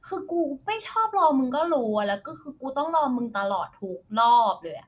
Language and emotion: Thai, frustrated